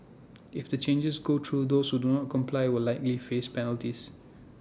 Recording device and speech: standing microphone (AKG C214), read sentence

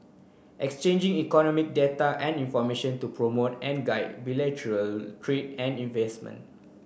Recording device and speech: boundary microphone (BM630), read sentence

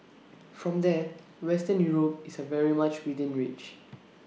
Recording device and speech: mobile phone (iPhone 6), read sentence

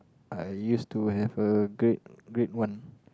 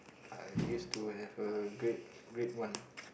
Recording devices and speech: close-talking microphone, boundary microphone, conversation in the same room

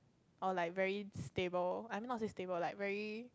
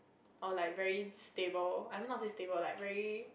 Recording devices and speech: close-talking microphone, boundary microphone, conversation in the same room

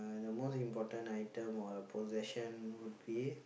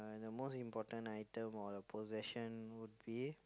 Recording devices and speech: boundary microphone, close-talking microphone, conversation in the same room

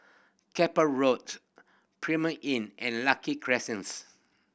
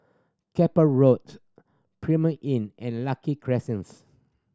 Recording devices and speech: boundary microphone (BM630), standing microphone (AKG C214), read sentence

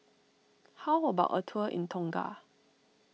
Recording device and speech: mobile phone (iPhone 6), read sentence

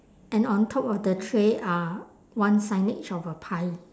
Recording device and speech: standing microphone, conversation in separate rooms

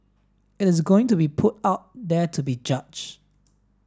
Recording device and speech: standing microphone (AKG C214), read sentence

